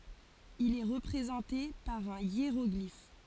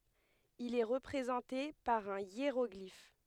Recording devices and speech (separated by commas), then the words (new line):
forehead accelerometer, headset microphone, read sentence
Il est représenté par un hiéroglyphe.